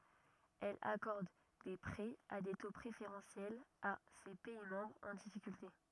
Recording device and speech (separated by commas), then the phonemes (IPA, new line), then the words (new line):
rigid in-ear microphone, read sentence
ɛl akɔʁd de pʁɛz a de to pʁefeʁɑ̃sjɛlz a se pɛi mɑ̃bʁz ɑ̃ difikylte
Elle accorde des prêts à des taux préférentiels à ses pays membres en difficulté.